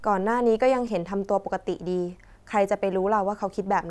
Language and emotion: Thai, neutral